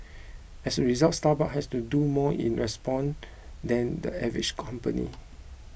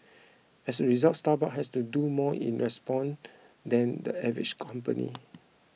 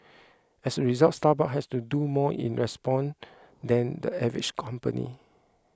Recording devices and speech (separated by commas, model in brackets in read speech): boundary microphone (BM630), mobile phone (iPhone 6), close-talking microphone (WH20), read sentence